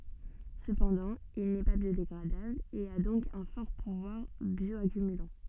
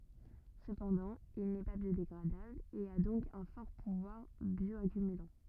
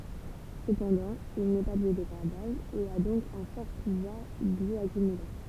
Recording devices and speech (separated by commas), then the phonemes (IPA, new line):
soft in-ear microphone, rigid in-ear microphone, temple vibration pickup, read sentence
səpɑ̃dɑ̃ il nɛ pa bjodeɡʁadabl e a dɔ̃k œ̃ fɔʁ puvwaʁ bjɔakymylɑ̃